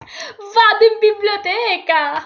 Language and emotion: Italian, happy